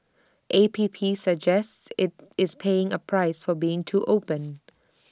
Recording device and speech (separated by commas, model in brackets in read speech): standing microphone (AKG C214), read sentence